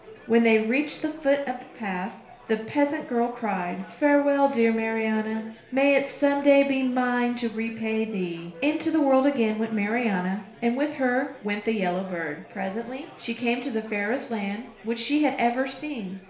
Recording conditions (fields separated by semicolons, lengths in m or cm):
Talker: one person; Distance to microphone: 1.0 m; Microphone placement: close; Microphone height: 1.1 m; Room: small (3.7 m by 2.7 m); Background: babble